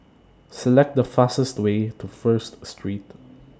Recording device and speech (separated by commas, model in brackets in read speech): standing microphone (AKG C214), read sentence